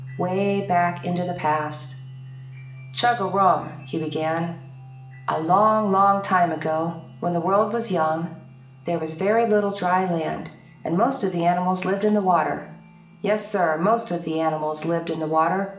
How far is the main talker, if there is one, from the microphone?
1.8 m.